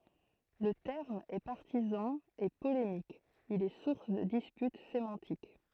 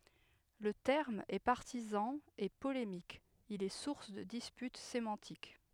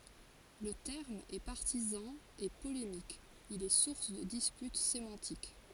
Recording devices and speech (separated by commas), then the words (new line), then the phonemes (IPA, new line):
throat microphone, headset microphone, forehead accelerometer, read sentence
Le terme est partisan et polémique, il est source de disputes sémantiques.
lə tɛʁm ɛ paʁtizɑ̃ e polemik il ɛ suʁs də dispyt semɑ̃tik